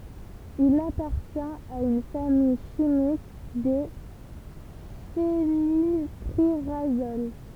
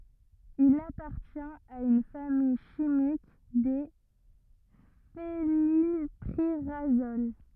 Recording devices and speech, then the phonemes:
temple vibration pickup, rigid in-ear microphone, read sentence
il apaʁtjɛ̃t a yn famij ʃimik de fenilpiʁazol

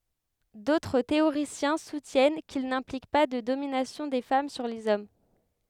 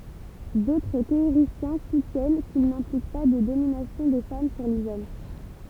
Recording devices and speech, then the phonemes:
headset microphone, temple vibration pickup, read sentence
dotʁ teoʁisjɛ̃ sutjɛn kil nɛ̃plik pa də dominasjɔ̃ de fam syʁ lez ɔm

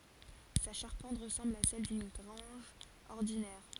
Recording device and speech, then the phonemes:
forehead accelerometer, read sentence
sa ʃaʁpɑ̃t ʁəsɑ̃bl a sɛl dyn ɡʁɑ̃ʒ ɔʁdinɛʁ

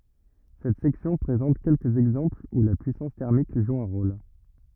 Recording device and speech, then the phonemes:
rigid in-ear microphone, read sentence
sɛt sɛksjɔ̃ pʁezɑ̃t kɛlkəz ɛɡzɑ̃plz u la pyisɑ̃s tɛʁmik ʒu œ̃ ʁol

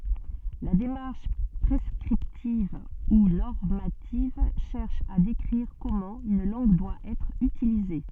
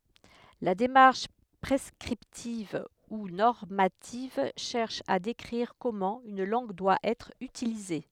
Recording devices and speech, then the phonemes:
soft in-ear microphone, headset microphone, read sentence
la demaʁʃ pʁɛskʁiptiv u nɔʁmativ ʃɛʁʃ a dekʁiʁ kɔmɑ̃ yn lɑ̃ɡ dwa ɛtʁ ytilize

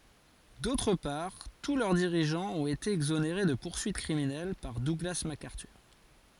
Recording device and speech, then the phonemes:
forehead accelerometer, read sentence
dotʁ paʁ tu lœʁ diʁiʒɑ̃z ɔ̃t ete ɛɡzoneʁe də puʁsyit kʁiminɛl paʁ duɡla makaʁtyʁ

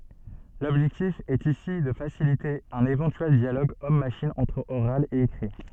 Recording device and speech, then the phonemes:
soft in-ear microphone, read sentence
lɔbʒɛktif ɛt isi də fasilite œ̃n evɑ̃tyɛl djaloɡ ɔm maʃin ɑ̃tʁ oʁal e ekʁi

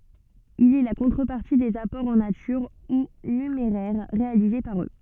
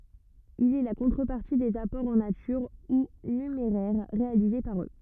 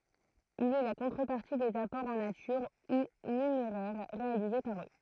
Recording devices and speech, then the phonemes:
soft in-ear microphone, rigid in-ear microphone, throat microphone, read sentence
il ɛ la kɔ̃tʁəpaʁti dez apɔʁz ɑ̃ natyʁ u nymeʁɛʁ ʁealize paʁ ø

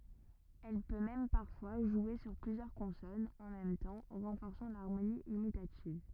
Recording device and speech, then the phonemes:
rigid in-ear microphone, read sentence
ɛl pø mɛm paʁfwa ʒwe syʁ plyzjœʁ kɔ̃sɔnz ɑ̃ mɛm tɑ̃ ʁɑ̃fɔʁsɑ̃ laʁmoni imitativ

